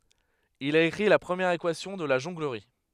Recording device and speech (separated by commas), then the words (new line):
headset microphone, read sentence
Il a écrit la première équation de la jonglerie.